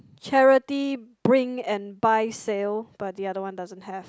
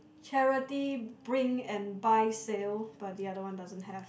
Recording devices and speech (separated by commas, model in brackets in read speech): close-talking microphone, boundary microphone, conversation in the same room